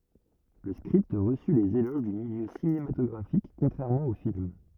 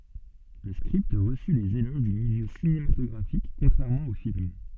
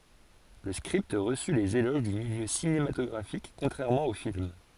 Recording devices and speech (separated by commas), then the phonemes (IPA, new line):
rigid in-ear microphone, soft in-ear microphone, forehead accelerometer, read sentence
lə skʁipt ʁəsy lez eloʒ dy miljø sinematɔɡʁafik kɔ̃tʁɛʁmɑ̃ o film